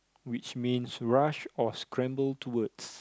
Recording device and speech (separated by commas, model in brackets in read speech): close-talking microphone, conversation in the same room